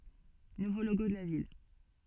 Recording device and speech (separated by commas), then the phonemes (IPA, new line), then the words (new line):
soft in-ear microphone, read sentence
nuvo loɡo də la vil
Nouveau logo de la ville.